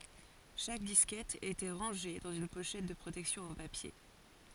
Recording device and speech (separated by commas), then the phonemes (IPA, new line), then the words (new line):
forehead accelerometer, read sentence
ʃak diskɛt etɑ̃ ʁɑ̃ʒe dɑ̃z yn poʃɛt də pʁotɛksjɔ̃ ɑ̃ papje
Chaque disquette étant rangée dans une pochette de protection en papier.